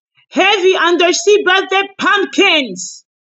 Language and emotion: English, disgusted